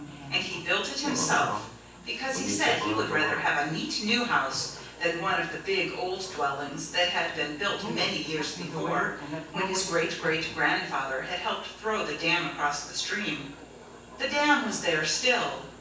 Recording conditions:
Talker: one person; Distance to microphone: 9.8 m; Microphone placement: far; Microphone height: 1.8 m; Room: large; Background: television

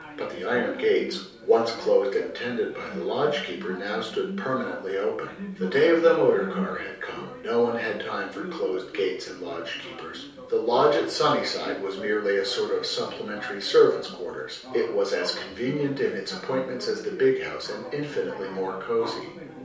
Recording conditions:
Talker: one person; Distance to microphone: 3.0 m; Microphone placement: far; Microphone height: 1.8 m; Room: small (3.7 m by 2.7 m); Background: television

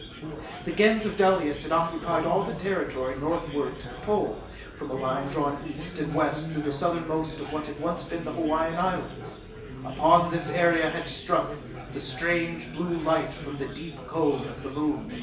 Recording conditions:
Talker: one person; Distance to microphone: 1.8 m; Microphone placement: close; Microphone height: 1.0 m; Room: large; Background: babble

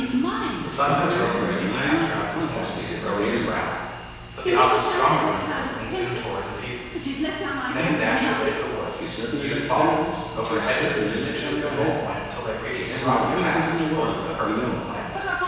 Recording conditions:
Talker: one person; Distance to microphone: 7.1 m; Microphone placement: far; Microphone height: 1.7 m; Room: very reverberant, large; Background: television

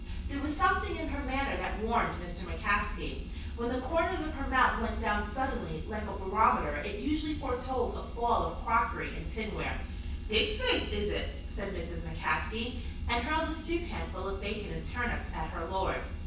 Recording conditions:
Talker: one person; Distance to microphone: 9.8 m; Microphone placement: far; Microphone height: 1.8 m; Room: large; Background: none

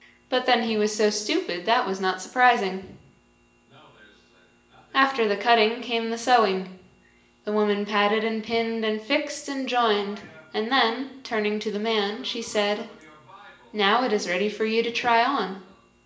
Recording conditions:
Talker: one person; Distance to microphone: 1.8 m; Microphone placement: close; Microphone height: 1.0 m; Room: large; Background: television

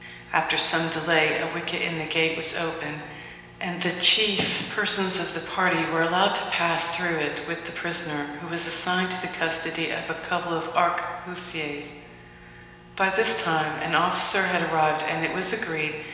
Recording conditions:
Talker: one person; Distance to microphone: 1.7 m; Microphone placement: close; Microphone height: 1.0 m; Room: very reverberant, large; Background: none

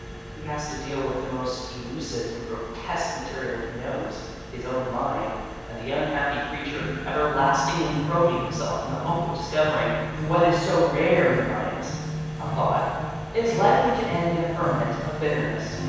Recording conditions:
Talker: one person; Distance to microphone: 7.1 m; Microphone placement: far; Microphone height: 1.7 m; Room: very reverberant, large; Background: music

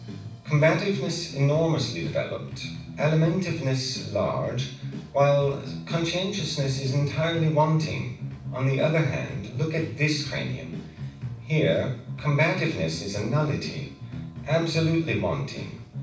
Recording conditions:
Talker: one person; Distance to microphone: 5.8 m; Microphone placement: far; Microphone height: 1.8 m; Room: medium-sized (5.7 m by 4.0 m); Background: music

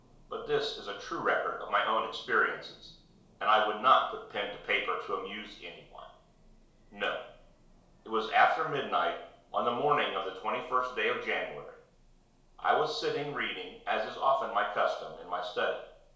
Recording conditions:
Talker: one person; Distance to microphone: 1.0 m; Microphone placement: close; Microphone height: 1.1 m; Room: small (3.7 m by 2.7 m); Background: none

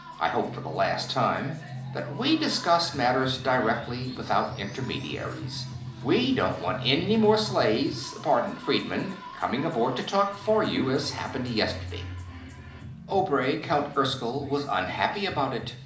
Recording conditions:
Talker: one person; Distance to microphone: 2.0 m; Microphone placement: close; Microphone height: 99 cm; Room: medium-sized (5.7 m by 4.0 m); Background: music

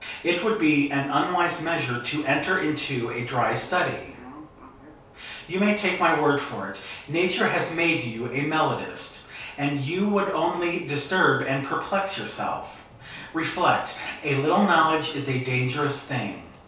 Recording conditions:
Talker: one person; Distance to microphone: 3.0 m; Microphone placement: far; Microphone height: 1.8 m; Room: small (3.7 m by 2.7 m); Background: television

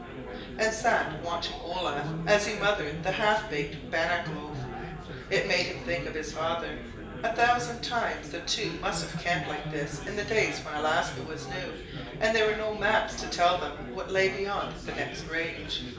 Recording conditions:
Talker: one person; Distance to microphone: 1.8 m; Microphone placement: close; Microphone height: 1.0 m; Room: large; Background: babble

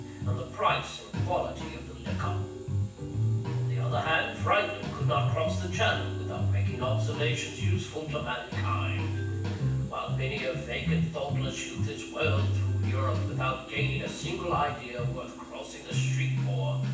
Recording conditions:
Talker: one person; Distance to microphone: 9.8 m; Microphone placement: far; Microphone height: 1.8 m; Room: large; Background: music

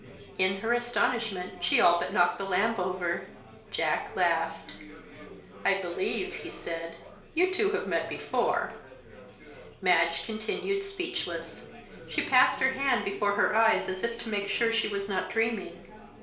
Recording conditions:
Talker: one person; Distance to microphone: 1.0 m; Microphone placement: close; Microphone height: 1.1 m; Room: small (3.7 m by 2.7 m); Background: babble

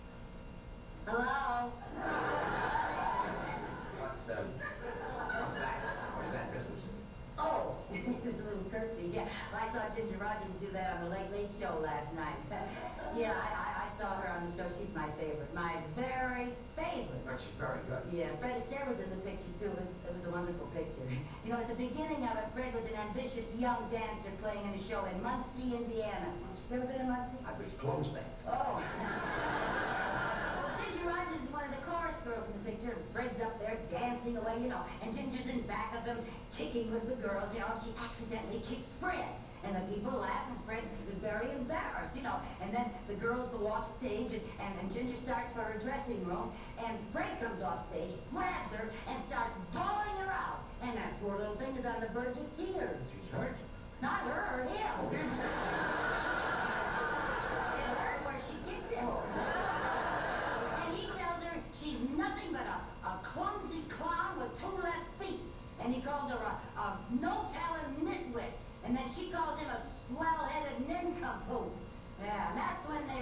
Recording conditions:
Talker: no one; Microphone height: 69 cm; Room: large; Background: television

